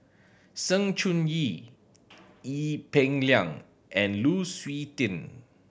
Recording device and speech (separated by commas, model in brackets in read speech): boundary microphone (BM630), read sentence